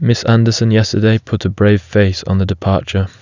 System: none